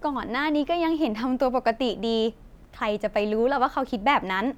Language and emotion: Thai, happy